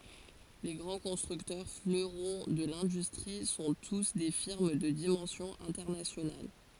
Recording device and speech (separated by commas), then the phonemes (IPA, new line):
forehead accelerometer, read sentence
le ɡʁɑ̃ kɔ̃stʁyktœʁ fløʁɔ̃ də lɛ̃dystʁi sɔ̃ tus de fiʁm də dimɑ̃sjɔ̃ ɛ̃tɛʁnasjonal